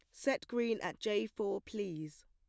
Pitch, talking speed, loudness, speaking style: 205 Hz, 175 wpm, -37 LUFS, plain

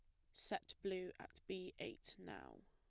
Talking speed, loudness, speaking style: 155 wpm, -50 LUFS, plain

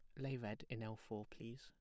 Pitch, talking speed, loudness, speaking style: 115 Hz, 255 wpm, -49 LUFS, plain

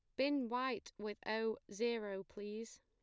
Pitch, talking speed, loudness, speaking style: 225 Hz, 135 wpm, -41 LUFS, plain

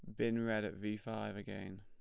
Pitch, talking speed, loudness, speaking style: 105 Hz, 225 wpm, -40 LUFS, plain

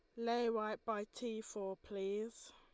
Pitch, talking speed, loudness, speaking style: 215 Hz, 155 wpm, -42 LUFS, Lombard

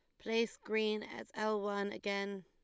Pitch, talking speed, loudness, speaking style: 215 Hz, 160 wpm, -38 LUFS, Lombard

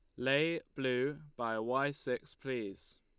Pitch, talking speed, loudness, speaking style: 130 Hz, 130 wpm, -36 LUFS, Lombard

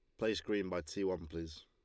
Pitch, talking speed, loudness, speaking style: 90 Hz, 250 wpm, -39 LUFS, Lombard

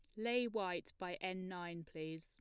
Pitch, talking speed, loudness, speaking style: 180 Hz, 180 wpm, -43 LUFS, plain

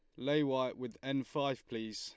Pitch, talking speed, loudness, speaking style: 130 Hz, 205 wpm, -36 LUFS, Lombard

